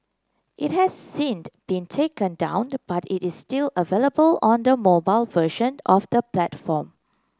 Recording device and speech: close-talking microphone (WH30), read sentence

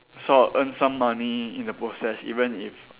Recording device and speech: telephone, conversation in separate rooms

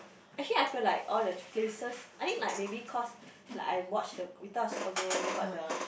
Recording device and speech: boundary microphone, conversation in the same room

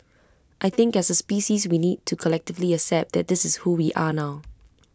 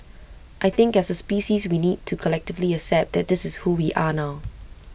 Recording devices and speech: close-talking microphone (WH20), boundary microphone (BM630), read sentence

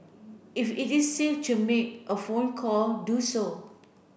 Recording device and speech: boundary microphone (BM630), read sentence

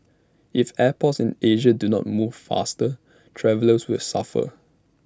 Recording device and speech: standing microphone (AKG C214), read sentence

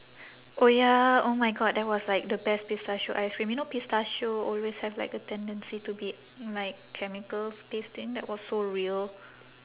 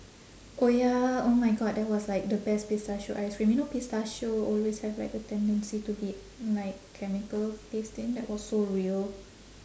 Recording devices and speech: telephone, standing microphone, conversation in separate rooms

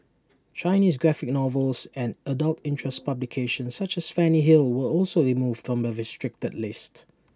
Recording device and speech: standing microphone (AKG C214), read sentence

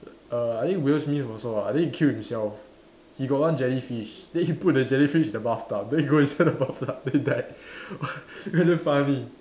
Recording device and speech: standing microphone, conversation in separate rooms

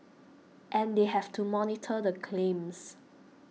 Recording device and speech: mobile phone (iPhone 6), read sentence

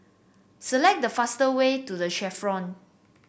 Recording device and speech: boundary microphone (BM630), read sentence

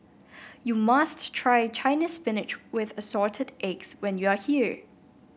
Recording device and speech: boundary microphone (BM630), read sentence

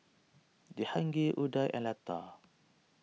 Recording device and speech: mobile phone (iPhone 6), read sentence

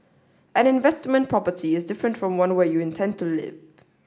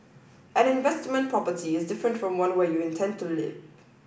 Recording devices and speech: standing microphone (AKG C214), boundary microphone (BM630), read sentence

